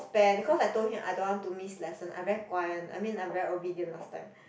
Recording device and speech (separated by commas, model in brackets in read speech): boundary microphone, conversation in the same room